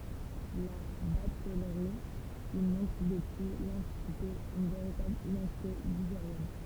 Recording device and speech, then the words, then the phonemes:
temple vibration pickup, read sentence
La batellerie y montre depuis l'Antiquité une véritable identité ligérienne.
la batɛlʁi i mɔ̃tʁ dəpyi lɑ̃tikite yn veʁitabl idɑ̃tite liʒeʁjɛn

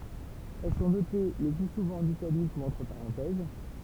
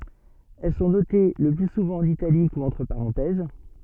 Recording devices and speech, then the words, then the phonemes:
temple vibration pickup, soft in-ear microphone, read sentence
Elles sont notées le plus souvent en italique ou entre parenthèses.
ɛl sɔ̃ note lə ply suvɑ̃ ɑ̃n italik u ɑ̃tʁ paʁɑ̃tɛz

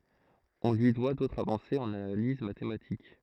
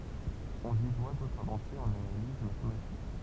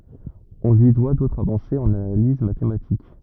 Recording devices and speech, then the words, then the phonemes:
throat microphone, temple vibration pickup, rigid in-ear microphone, read sentence
On lui doit d'autres avancées en analyse mathématique.
ɔ̃ lyi dwa dotʁz avɑ̃sez ɑ̃n analiz matematik

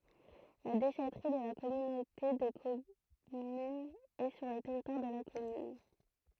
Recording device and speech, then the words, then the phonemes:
throat microphone, read sentence
La déchèterie de la communauté de commune est sur le territoire de la commune.
la deʃɛtʁi də la kɔmynote də kɔmyn ɛ syʁ lə tɛʁitwaʁ də la kɔmyn

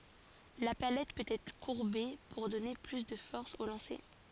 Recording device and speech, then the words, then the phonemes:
forehead accelerometer, read sentence
La palette peut être courbée pour donner plus de force au lancer.
la palɛt pøt ɛtʁ kuʁbe puʁ dɔne ply də fɔʁs o lɑ̃se

